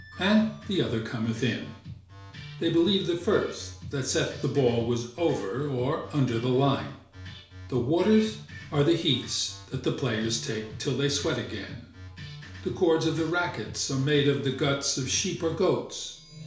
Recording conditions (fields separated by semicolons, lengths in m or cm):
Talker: one person; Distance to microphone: 1.0 m; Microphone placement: close; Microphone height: 1.1 m; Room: small (3.7 m by 2.7 m); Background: music